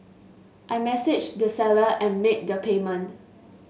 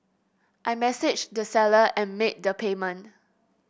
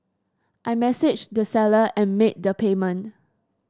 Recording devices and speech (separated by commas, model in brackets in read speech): mobile phone (Samsung S8), boundary microphone (BM630), standing microphone (AKG C214), read sentence